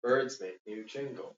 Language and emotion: English, sad